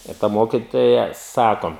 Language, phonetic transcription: Lithuanian, ir ˈta ˈmokitoja ˈsako

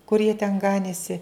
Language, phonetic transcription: Lithuanian, kur jie ten ˈganėsi

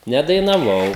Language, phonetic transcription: Lithuanian, nedainaˈvau

